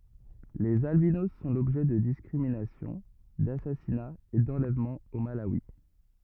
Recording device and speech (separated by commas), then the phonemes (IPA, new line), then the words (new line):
rigid in-ear microphone, read sentence
lez albinos sɔ̃ lɔbʒɛ də diskʁiminasjɔ̃ dasasinaz e dɑ̃lɛvmɑ̃z o malawi
Les albinos sont l'objet de discriminations, d'assassinats et d'enlèvements au Malawi.